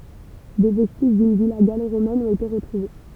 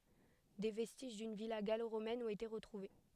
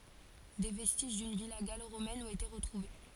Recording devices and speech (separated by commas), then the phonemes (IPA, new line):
temple vibration pickup, headset microphone, forehead accelerometer, read sentence
de vɛstiʒ dyn vila ɡaloʁomɛn ɔ̃t ete ʁətʁuve